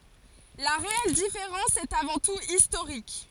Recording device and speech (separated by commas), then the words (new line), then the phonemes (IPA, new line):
forehead accelerometer, read sentence
La réelle différence est avant tout historique.
la ʁeɛl difeʁɑ̃s ɛt avɑ̃ tut istoʁik